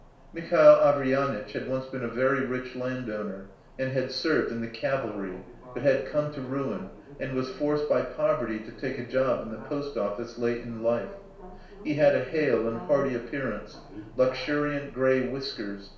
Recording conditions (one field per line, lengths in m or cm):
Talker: one person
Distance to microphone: 1.0 m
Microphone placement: close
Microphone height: 1.1 m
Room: small (3.7 m by 2.7 m)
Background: television